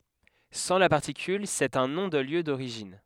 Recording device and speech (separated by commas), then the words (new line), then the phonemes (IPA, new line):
headset microphone, read sentence
Sans la particule, c’est un nom de lieu d’origine.
sɑ̃ la paʁtikyl sɛt œ̃ nɔ̃ də ljø doʁiʒin